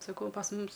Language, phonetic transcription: Lithuanian, saˈkau pas ˈmumis

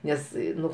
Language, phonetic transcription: Lithuanian, ˈnes ˈnu

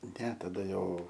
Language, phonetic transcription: Lithuanian, ne taˈda ˈjau

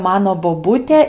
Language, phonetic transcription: Lithuanian, ˈmano boˈbūtė

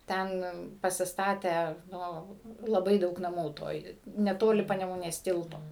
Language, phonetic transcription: Lithuanian, ˈten pasisˈtatę ˈnu laˈbai ˈdaug naˈmų ˈtoj neˈtoli panemuˈnės ˈtilto

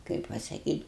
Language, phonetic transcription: Lithuanian, ˈkaip pasakyt'

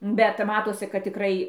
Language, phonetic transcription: Lithuanian, bet ˈmatosi kad tiˈkrai

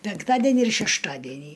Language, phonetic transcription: Lithuanian, penkˈtadenį ir šešˈtadenį

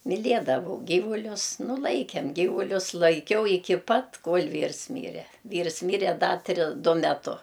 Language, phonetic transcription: Lithuanian, miˈliedavau ˈgyvulius nu ˈlaikem ˈgyvulius laiˈkiau iˈki ˈpat ˈkol' ˈvyrs ˈmyre ˈvyrs ˈmyre ˈda ˈtri ˈdu meˈtu

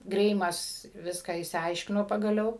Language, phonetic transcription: Lithuanian, ˈgreimas ˈviską išsiˈaiškino pagaˈliau

